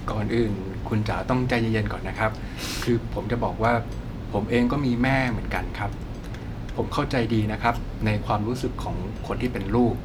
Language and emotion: Thai, neutral